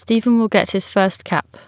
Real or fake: real